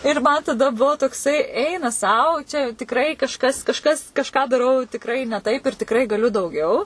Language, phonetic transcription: Lithuanian, ir ˈman taˈda ˈbuvo tokˈsai ˈeina ˈsau čia jau tikˈrai kažˈkas kažˈkas kažˈką daˈrau tikˈrai ne ˈtaip ir tikˈrai gaˈliu dauˈgiau

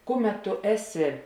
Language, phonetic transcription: Lithuanian, ˈkuˌmet tu ˈeˌsi

